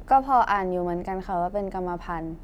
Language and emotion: Thai, neutral